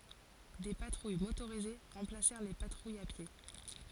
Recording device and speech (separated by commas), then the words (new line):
forehead accelerometer, read sentence
Des patrouilles motorisées remplacèrent les patrouilles à pied.